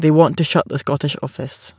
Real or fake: real